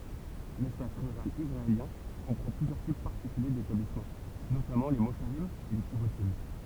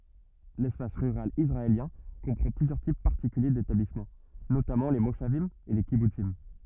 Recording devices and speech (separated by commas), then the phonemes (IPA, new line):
temple vibration pickup, rigid in-ear microphone, read sentence
lɛspas ʁyʁal isʁaeljɛ̃ kɔ̃pʁɑ̃ plyzjœʁ tip paʁtikylje detablismɑ̃ notamɑ̃ le moʃavim e le kibutsim